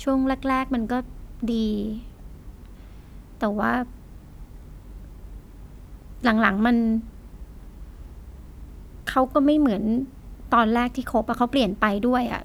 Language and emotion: Thai, sad